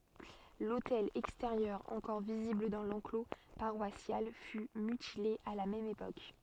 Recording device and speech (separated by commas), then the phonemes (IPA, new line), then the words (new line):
soft in-ear microphone, read sentence
lotɛl ɛksteʁjœʁ ɑ̃kɔʁ vizibl dɑ̃ lɑ̃klo paʁwasjal fy mytile a la mɛm epok
L'autel extérieur encore visible dans l'enclos paroissial fut mutilé à la même époque.